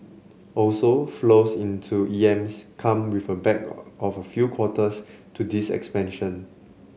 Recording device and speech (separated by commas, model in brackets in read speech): mobile phone (Samsung C7), read sentence